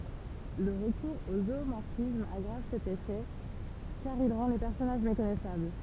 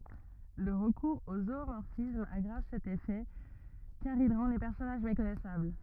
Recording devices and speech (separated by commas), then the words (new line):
temple vibration pickup, rigid in-ear microphone, read sentence
Le recours au zoomorphisme aggrave cet effet, car il rend les personnages méconnaissables.